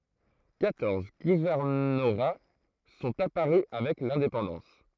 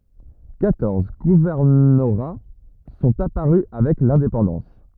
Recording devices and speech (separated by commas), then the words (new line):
throat microphone, rigid in-ear microphone, read sentence
Quatorze gouvernorats sont apparus avec l'indépendance.